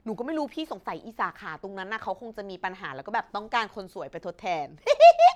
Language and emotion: Thai, happy